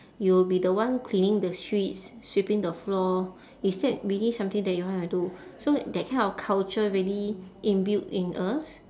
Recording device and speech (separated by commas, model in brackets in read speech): standing microphone, conversation in separate rooms